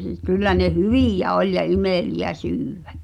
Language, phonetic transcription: Finnish, 'kyllä ne "hyvìjä 'oĺ ja 'imèli₍ä 'syyᴡ̈ᴡ̈ᴀ̈ .
- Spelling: kyllä ne hyviä oli ja imeliä syödä

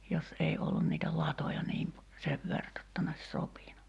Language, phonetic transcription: Finnish, 'jos 'ei ollun niitä "latoja niim pe- , 'sev vert ‿[j]otta ne ‿[o]ś 'sopinu .
- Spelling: jos ei ollut niitä latoja niin - sen verta jotta ne olisi sopinut

